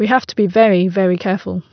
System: none